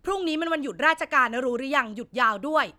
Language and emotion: Thai, angry